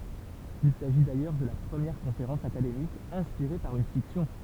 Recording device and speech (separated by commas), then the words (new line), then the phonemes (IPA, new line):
temple vibration pickup, read sentence
Il s’agit d’ailleurs de la première conférence académique inspirée par une fiction.
il saʒi dajœʁ də la pʁəmjɛʁ kɔ̃feʁɑ̃s akademik ɛ̃spiʁe paʁ yn fiksjɔ̃